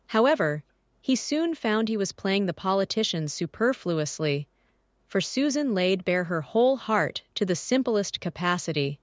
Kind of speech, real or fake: fake